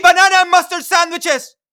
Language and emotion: English, neutral